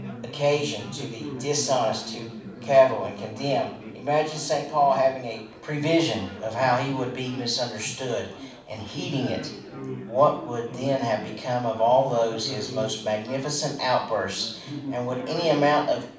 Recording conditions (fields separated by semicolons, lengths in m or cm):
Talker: one person; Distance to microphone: 5.8 m; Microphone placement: far; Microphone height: 1.8 m; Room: medium-sized (5.7 m by 4.0 m); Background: babble